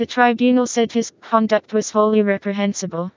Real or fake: fake